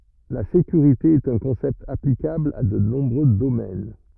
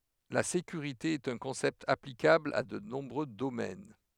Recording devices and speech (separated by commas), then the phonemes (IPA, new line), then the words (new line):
rigid in-ear microphone, headset microphone, read sentence
la sekyʁite ɛt œ̃ kɔ̃sɛpt aplikabl a də nɔ̃bʁø domɛn
La sécurité est un concept applicable à de nombreux domaines.